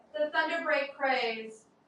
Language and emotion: English, neutral